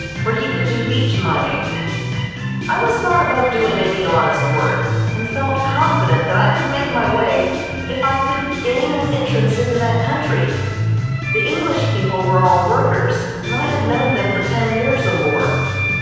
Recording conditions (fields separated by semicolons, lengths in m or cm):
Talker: one person; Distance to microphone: 7.1 m; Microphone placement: far; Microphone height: 1.7 m; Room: very reverberant, large; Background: music